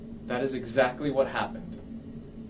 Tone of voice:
neutral